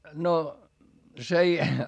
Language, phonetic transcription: Finnish, no , s ‿ei ,.
- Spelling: no se ei

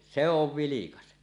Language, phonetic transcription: Finnish, 'se 'ov "vilikas .
- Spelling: se on vilkas

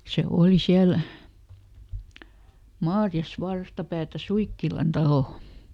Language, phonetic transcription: Finnish, se ˈooli ˈsiäl , "Maarjas ˈvarstapäätä "Suikkilan ˈtalò .
- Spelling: se oli siellä Maariassa vastapäätä Suikkilan taloa

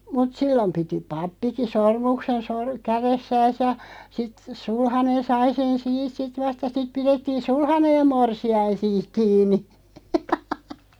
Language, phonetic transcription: Finnish, mut "sillom 'piti "pappiki "sormuksen sor- , 'käressääs ja , sit , 'sulhanen 'sai sen "siit sit 'vast ja sit 'pirettiin̬ "sulhaneʲ ja 'morsi₍ain̬ 'siiᵏ 'kiin̆ni .
- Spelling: mutta silloin piti pappikin sormuksen - kädessään ja sitten sulhanen sai sen siitä sitten vasta ja sitten pidettiin sulhanen ja morsian siinä kiinni

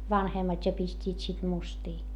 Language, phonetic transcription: Finnish, vanhemmat́ ja pist́iit sit mustii .
- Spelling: vanhemmat ja pistivät sitten mustia

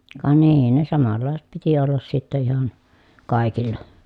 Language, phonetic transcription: Finnish, ka nii ne samallàeset piti ollas sitte ihan , kài̮killa .
- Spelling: ka niin ne samanlaiset piti olla sitten ihan kaikilla

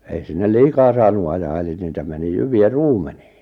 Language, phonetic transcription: Finnish, 'ei sinnel "liikaa saanu ajaa eli niitä meni 'jyvi₍ä "ruumeɴɪɪ .
- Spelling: ei sinne liikaa saanut ajaa eli niitä meni jyviä ruumeniin

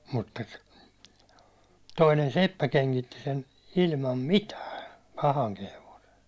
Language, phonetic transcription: Finnish, mutta , toinen "seppä keŋkitti sen , ilmam "mitää , 'pahaŋki hevose .
- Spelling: mutta toinen seppä kengitti sen ilman mitään pahankin hevosen

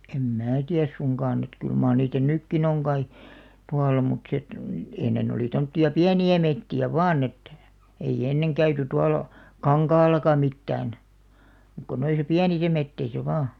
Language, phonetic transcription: Finnish, 'em "mää 'tiäs suŋkaan ‿et kyl maa(r) niitä "nykkin ‿oŋ ɢai , 'tualla mut sᵉ ᵉt , 'ennen ‿olì 'tomtti₍a "piäni₍ä 'metti₍ä "vaan ‿et , 'ei "enneŋ 'käyty 'tualᵃ , "kaŋkaallaka 'mittään , ᵐᵘᵏ ko 'noisa "piänisä 'metteisä vaa .
- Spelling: en minä tiedä suinkaan että kyllä mar niitä nytkin on kai tuolla mutta se että ennen oli tuommoisia pieniä metsiä vain että ei ennen käyty tuolla kankaallakaan mitään muuta kuin noissa pienissä metsissä vain

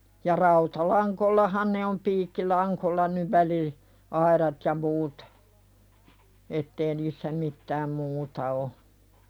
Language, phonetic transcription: Finnish, ja 'rauta"laŋkollahan ne om 'piikki"laŋkolla nyv 'väli- , aiðat ja muut , 'ettee niissä 'mittääm "muuta o .
- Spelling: ja rautalangoillahan ne on piikkilangoillahan nyt - väliaidat ja muut että ei niissä mitään muuta ole

